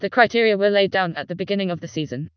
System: TTS, vocoder